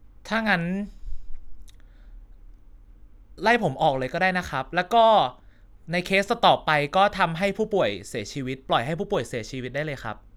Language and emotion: Thai, frustrated